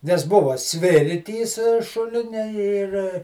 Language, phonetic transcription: Lithuanian, nes ˈbuva ˈsvirtys ˈšulinia ir

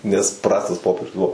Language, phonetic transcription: Lithuanian, nes ˈprastas ˈpopierius ˈbuvo

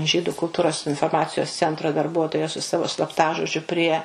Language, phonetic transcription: Lithuanian, ˈžydu kulˈtūros inforˈmacijos ˈcentro darˈbuotoja su ˈsavo slapˈtažodžiu prie

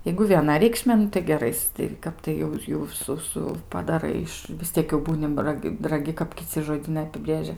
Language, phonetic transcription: Lithuanian, jeigu vieˈna reikˈšmė ˈnu tai geˈrais tai ˈkap tai jau ˈjau ˈsu ˈsu padaˈrai iš vis ˈtiek jau ˈbūni raˈg' raˈgi kap kiˈci žoˈdynai apiˈbrėžia

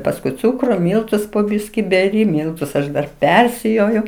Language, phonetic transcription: Lithuanian, pasˈkui ˈcūkru ˈmyltus po ˈbyski beˈri ˈmyltus aš ˈdar ˈpersijoju

